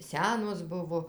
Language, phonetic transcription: Lithuanian, ˈsenos ˈbuvo

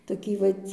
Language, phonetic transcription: Lithuanian, toˈkį ˈvat'

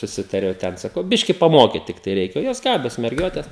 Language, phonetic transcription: Lithuanian, suˈsitariau ˈten saˈkau ˈbiški paˈmokyt ˈtiktai ˈreikia ˈjos ˈgabios merˈgiotes

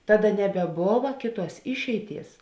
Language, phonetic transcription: Lithuanian, ˈtaˌda nebeˈbova ˈkėˌtuos ˈišeiˌties

